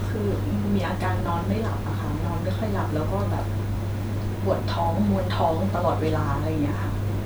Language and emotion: Thai, sad